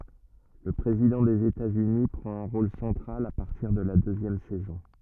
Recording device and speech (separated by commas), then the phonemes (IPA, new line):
rigid in-ear microphone, read sentence
lə pʁezidɑ̃ dez etatsyni pʁɑ̃t œ̃ ʁol sɑ̃tʁal a paʁtiʁ də la døzjɛm sɛzɔ̃